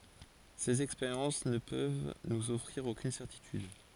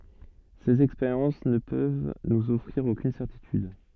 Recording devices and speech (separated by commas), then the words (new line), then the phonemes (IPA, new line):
forehead accelerometer, soft in-ear microphone, read sentence
Ces expériences ne peuvent nous offrir aucune certitude.
sez ɛkspeʁjɑ̃s nə pøv nuz ɔfʁiʁ okyn sɛʁtityd